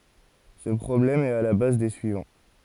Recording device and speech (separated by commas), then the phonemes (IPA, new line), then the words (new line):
forehead accelerometer, read sentence
sə pʁɔblɛm ɛt a la baz de syivɑ̃
Ce problème est à la base des suivants.